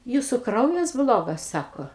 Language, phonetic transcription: Lithuanian, ˈjūsu ˈkraujas ˈblogas ˈsako

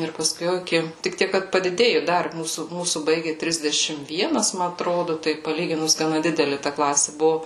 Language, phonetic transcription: Lithuanian, ir paˈskui jau iˈki tik ˈtiek kad padiˈdėju ˈdar ˈmūsų ˈmūsų ˈbaigi ˈtrisdešim ˈvienas ˈma atˈrodu ˈtai paˈlyginus gaˈna ˈdideli ta ˈklasi ˈbuvu

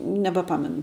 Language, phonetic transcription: Lithuanian, nebaˈpamenu

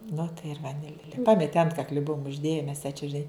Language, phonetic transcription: Lithuanian, nu tai ir vaˈnilė ˈpameti ˈantkakli ˈbuum užˈdėje mes jai čia žiˈnai

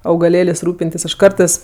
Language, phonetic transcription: Lithuanian, augaˈlėlės' ˈrūpintis ˈaš ˈkartɜs

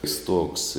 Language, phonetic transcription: Lithuanian, i ˈstuogs

